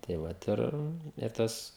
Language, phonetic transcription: Lithuanian, tai ˈvat ir ir ˈtas

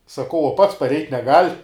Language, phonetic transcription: Lithuanian, saˈkau uo ˈpats parˈeit' neˈgal'

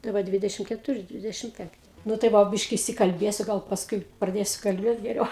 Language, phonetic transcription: Lithuanian, tai ˈva ˈdvidešim ketuˈri ˈdvidešim ˈpenkti nu tai ˈva ˈbiški išsikalˈbėsiu ˈgal pasˈkui praˈdėsiu kalˈbėt geˈriau

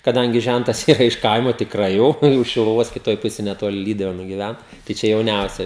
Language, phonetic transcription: Lithuanian, kaˈdangi ˈžæntas ˈyra iš ˈkaimo tikˈrai jau už šiluˈvos kiˈtoj ˈpusėj neˈtoli ˈlyduvėnu giˈvæn tai ˈčia jauˈniausia

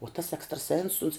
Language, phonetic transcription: Lithuanian, uo tas ekstraˈsens uns

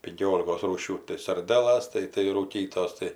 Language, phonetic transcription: Lithuanian, pinˈkiolikos ˈrūšių tai sarˈdelas ˈtai tai rūˈkytos ˈtai

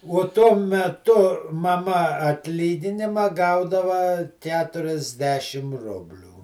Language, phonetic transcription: Lithuanian, uo ˈtuo meˈtu maˈma atˈlyginima ˈgaudava ˈketuriasˌdešim ˈrublių

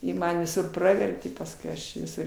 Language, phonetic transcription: Lithuanian, ˈji ˈman viˈsur ˈpravertė pasˈkui ˈaš viˈsur

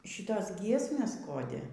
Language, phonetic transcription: Lithuanian, ˈšytos ˈgiesmės ˈkodi

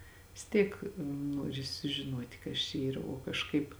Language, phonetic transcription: Lithuanian, vis ˈtyk ˈnuori sužiˈnuoti ˈkas čia ˈyra o kažˈkaip

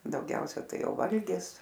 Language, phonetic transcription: Lithuanian, dauˈgiausia ˈtai ˈjau ˈvalgis

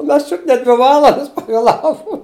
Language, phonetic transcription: Lithuanian, u ˈmes ˈčiut ne ˈdvi ˈvalandas pavėˈlavu

